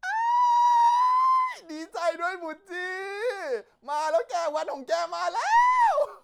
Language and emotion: Thai, happy